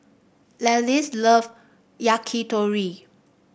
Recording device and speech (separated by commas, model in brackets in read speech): boundary microphone (BM630), read sentence